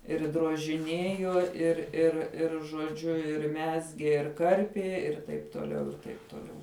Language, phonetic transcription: Lithuanian, ir drožiˈnėjo ir ir ˈir žoˈdžiu ir ˈmezgė ir ˈkarpie ir ˈtaip tuoˈliau ir ˈtaip tuoˈliau

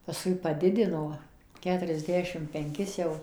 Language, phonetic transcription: Lithuanian, pasˈkui paˈdidino ˌketuriasˈdešim penˈkis jau

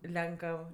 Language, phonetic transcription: Lithuanian, ˈlenkəv

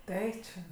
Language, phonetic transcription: Lithuanian, ˈtai čia

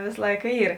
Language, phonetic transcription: Lithuanian, ˈvės ˈlaika ˈyr

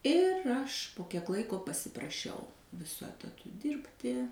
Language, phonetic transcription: Lithuanian, ir ˈaš po kiek ˈlaiko pasipraˈšiau viˈsu etaˈtu ˈdirbti

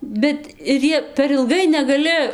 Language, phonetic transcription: Lithuanian, bet ir ˈjie per ilˈgai negaˈli

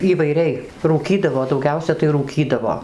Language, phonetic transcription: Lithuanian, įvaiˈriai rūˈkydavo dauˈgiausia tai rūˈkydavo

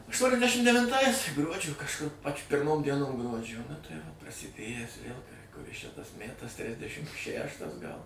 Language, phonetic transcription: Lithuanian, aštuoniasˈdešim devinˈtais ˈgruodžio kažˈkur pač' pirˈmom dieˈnom ˈgruodžio nu tai ˈvo prasiˈdėjęs vėl kuˈris čia tas ˈmætas ˈtrisdešim ˈšæštas gal

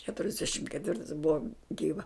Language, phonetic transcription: Lithuanian, keturiasˈdešim ketˈvirtais ˈbuva ˈgyva

